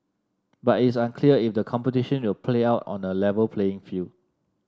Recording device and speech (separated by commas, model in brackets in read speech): standing microphone (AKG C214), read sentence